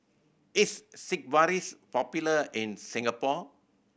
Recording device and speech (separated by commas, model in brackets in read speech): boundary microphone (BM630), read sentence